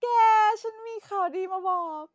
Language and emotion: Thai, happy